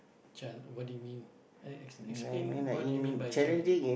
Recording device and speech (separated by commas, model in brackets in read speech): boundary microphone, conversation in the same room